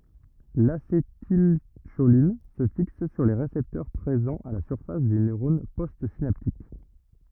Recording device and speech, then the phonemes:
rigid in-ear microphone, read sentence
lasetilʃolin sə fiks syʁ le ʁesɛptœʁ pʁezɑ̃z a la syʁfas dy nøʁɔn postsinaptik

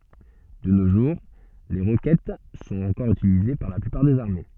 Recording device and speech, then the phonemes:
soft in-ear microphone, read sentence
də no ʒuʁ le ʁokɛt sɔ̃t ɑ̃kɔʁ ytilize paʁ la plypaʁ dez aʁme

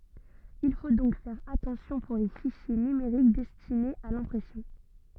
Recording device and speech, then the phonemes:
soft in-ear microphone, read sentence
il fo dɔ̃k fɛʁ atɑ̃sjɔ̃ puʁ le fiʃje nymeʁik dɛstinez a lɛ̃pʁɛsjɔ̃

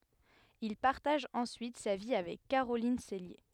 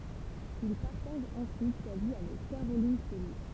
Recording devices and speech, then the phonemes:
headset microphone, temple vibration pickup, read sentence
il paʁtaʒ ɑ̃syit sa vi avɛk kaʁolin sɛlje

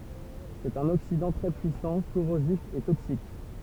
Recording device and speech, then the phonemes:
temple vibration pickup, read sentence
sɛt œ̃n oksidɑ̃ tʁɛ pyisɑ̃ koʁozif e toksik

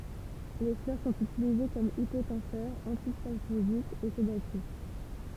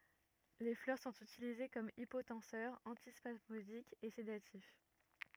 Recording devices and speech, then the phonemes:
temple vibration pickup, rigid in-ear microphone, read sentence
le flœʁ sɔ̃t ytilize kɔm ipotɑ̃sœʁ ɑ̃tispasmodik e sedatif

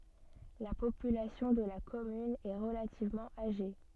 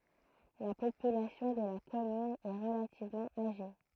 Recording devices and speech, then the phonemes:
soft in-ear microphone, throat microphone, read sentence
la popylasjɔ̃ də la kɔmyn ɛ ʁəlativmɑ̃ aʒe

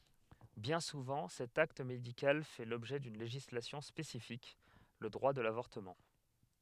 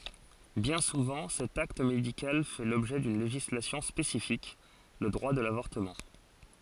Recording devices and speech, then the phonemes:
headset microphone, forehead accelerometer, read sentence
bjɛ̃ suvɑ̃ sɛt akt medikal fɛ lɔbʒɛ dyn leʒislasjɔ̃ spesifik lə dʁwa də lavɔʁtəmɑ̃

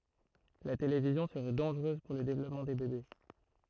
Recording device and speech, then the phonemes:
throat microphone, read sentence
la televizjɔ̃ səʁɛ dɑ̃ʒʁøz puʁ lə devlɔpmɑ̃ de bebe

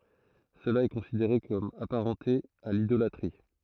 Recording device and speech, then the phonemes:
throat microphone, read sentence
səla ɛ kɔ̃sideʁe kɔm apaʁɑ̃te a lidolatʁi

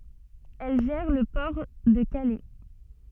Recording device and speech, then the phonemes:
soft in-ear microphone, read sentence
ɛl ʒɛʁ lə pɔʁ də kalɛ

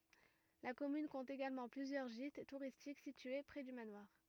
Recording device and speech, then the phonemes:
rigid in-ear microphone, read sentence
la kɔmyn kɔ̃t eɡalmɑ̃ plyzjœʁ ʒit tuʁistik sitye pʁɛ dy manwaʁ

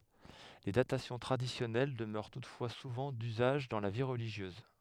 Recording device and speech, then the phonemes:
headset microphone, read sentence
le datasjɔ̃ tʁadisjɔnɛl dəmœʁ tutfwa suvɑ̃ dyzaʒ dɑ̃ la vi ʁəliʒjøz

